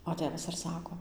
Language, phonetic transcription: Lithuanian, o ˈtėvas ir ˈsako

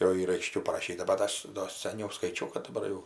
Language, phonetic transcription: Lithuanian, jau ˈyr aiˈškiau paraˈšyta bat ˈaš do saˈniau skaiˈčiau kad daˈbar jau

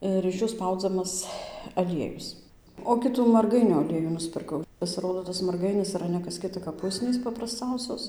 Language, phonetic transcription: Lithuanian, ˌir iš ˈjų ˈspaudzamas aˈliejus o ˈkitų marˈgainiu aˈliejų nuspirˈkau pasiˈrodo tas marˈgainis iˈra ne kas ˈkita kap ˈusnys paprasˈcausios

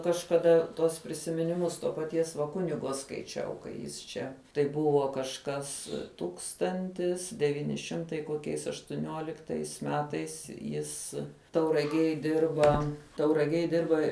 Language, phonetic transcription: Lithuanian, kažkaˈda tuos prisiminiˈmus to paˈties va ˈkunigo skaiˈčiau kai ˈjis čia tai ˈbuvo kažˈkas ˈtūkstantis deˈvyni ˈšimtai koˈkiais aštuˈniuoliktais ˈmetais ˈjis tauraˈgiej ˈdirba tauraˈgiej ˈdirba

